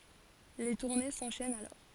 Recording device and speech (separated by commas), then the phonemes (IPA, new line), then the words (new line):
forehead accelerometer, read sentence
le tuʁne sɑ̃ʃɛnt alɔʁ
Les tournées s'enchaînent alors.